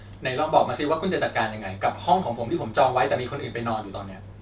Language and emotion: Thai, frustrated